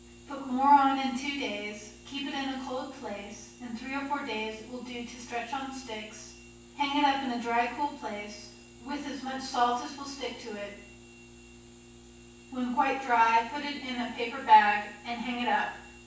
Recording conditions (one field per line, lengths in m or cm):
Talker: one person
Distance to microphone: 9.8 m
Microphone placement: far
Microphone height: 1.8 m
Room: large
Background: none